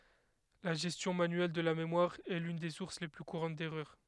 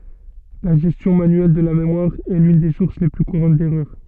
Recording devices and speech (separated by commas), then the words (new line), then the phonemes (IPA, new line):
headset microphone, soft in-ear microphone, read sentence
La gestion manuelle de la mémoire est l'une des sources les plus courantes d'erreur.
la ʒɛstjɔ̃ manyɛl də la memwaʁ ɛ lyn de suʁs le ply kuʁɑ̃t dɛʁœʁ